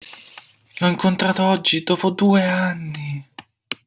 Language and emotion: Italian, surprised